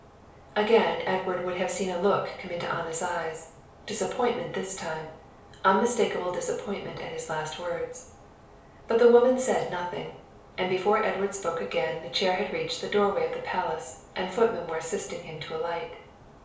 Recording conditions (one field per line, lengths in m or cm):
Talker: one person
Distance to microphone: 3.0 m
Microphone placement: far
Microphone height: 1.8 m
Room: small (3.7 m by 2.7 m)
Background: none